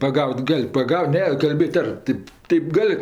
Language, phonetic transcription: Lithuanian, paˈgaut' ˈgal' paˈgaut ˈne kalˈbėt' ˈar ˈtėp ˈteip ˈgal'

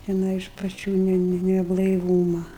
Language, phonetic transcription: Lithuanian, teˈnai iš paˈčių ˈne ˈne neblaiˈvūma

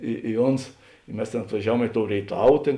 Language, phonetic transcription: Lithuanian, ˈi i ˈons i ˈmes tėn atvaˈžiaˌvuom i tou rėiˈtav ˈtėn

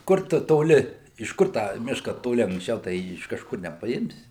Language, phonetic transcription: Lithuanian, ˈkur tu toˈli iš ˈkur tą ˈmiška toˈli anksˈčiau tai ˈjį iš kažˈkur nepaˈimsi

